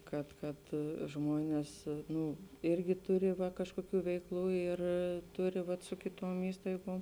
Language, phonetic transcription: Lithuanian, ˈkad ˈkad ˈžmonės ˈnū ˈirgi ˈturi va kažkoˈkių veikˈlų ir ˈturi vat su kiˈtom ˈįstaigom

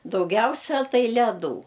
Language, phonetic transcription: Lithuanian, dauˈgiausia ˈtai leˈdų

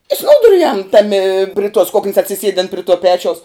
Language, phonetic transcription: Lithuanian, i ˈsnūduriujam ˈtami pri tuos ˈkuknis atsiˈsiedin pri tuo ˈpečiaus

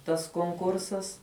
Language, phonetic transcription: Lithuanian, tas konˈkursas

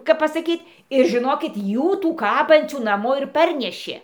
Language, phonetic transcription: Lithuanian, kap pasaˈkyt' ir žiˈnokit ˈjų ˈtų ˈkabancių naˈmo ir ˈparnešė

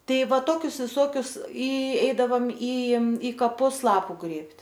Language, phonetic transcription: Lithuanian, ˈtai ˈva ˈtokius viˈsokius i ˈeidavam y y kaˈpus ˈlapu ˈgrėbt'

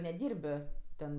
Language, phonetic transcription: Lithuanian, neˈdyrbɜ ˈten

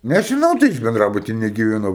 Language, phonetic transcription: Lithuanian, nežiˈnau tai ˈaš benˈdrabuty negyveˈnau

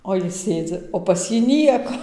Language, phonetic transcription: Lithuanian, o ˈjis ˈsėdzi o pas ˈjį ˈnieko

